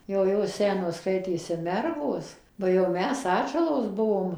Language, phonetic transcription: Lithuanian, jau ˈjos ˈsenos ˈskaitėsi ˈmergos ˈba jau ˈmes ˈatžalos ˈbuvom

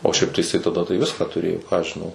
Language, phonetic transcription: Lithuanian, o šiaip tai jiˈsai taˈda tai ˈviską tuˈrėjo ką aš žiˈnau

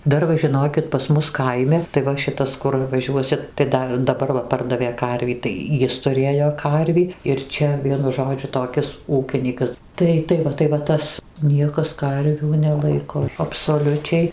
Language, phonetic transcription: Lithuanian, ˈdar va žiˈnokit pas ˈmus ˈkaimi tai ˈva ˈšitas ˈkur vaˈžiuosit tai ˈda daˈbar va ˈpardavė ˈkarvį tai ˈjis tuˈrėjo ˈkarvį ir ˈčia ˈvienu ˈžodžiu toˈkis ˈūkinykas ˈtai ˈtai va tai va ˈtas ˈniekas ˈkarvių neˈlaiko absoˈliučiai

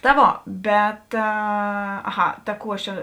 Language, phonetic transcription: Lithuanian, ta ˈvo ˈbet aˈha ta ˈkų ˈaš ˈčia

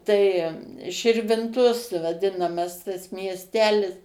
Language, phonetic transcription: Lithuanian, tai širvinˈtos vaˈdinamas tas miesˈtelis

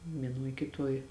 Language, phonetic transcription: Lithuanian, vieˈnuoj kiˈtuoj

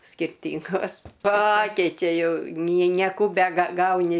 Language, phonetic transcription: Lithuanian, skirˈtyngos ˈpakeičia ˈjau nie nieˈkų begaˈgauni

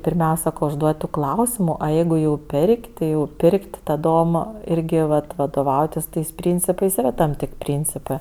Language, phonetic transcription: Lithuanian, pirˈmiausia užˈduod' tų ˈklausimu o ˈjeigu jau ˈper'k' ti jau ˈpir'k't' ta'dom ˈirgi ˈvat vadoˈvautis ˈtais ˈpryncipais yˈra tam ˈtėk' ˈpryncipɜ

